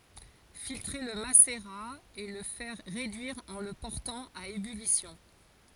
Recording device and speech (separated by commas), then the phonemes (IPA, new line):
forehead accelerometer, read sentence
filtʁe lə maseʁa e lə fɛʁ ʁedyiʁ ɑ̃ lə pɔʁtɑ̃ a ebylisjɔ̃